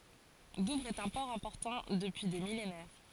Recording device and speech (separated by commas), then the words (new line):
forehead accelerometer, read sentence
Douvres est un port important depuis des millénaires.